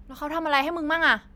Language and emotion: Thai, frustrated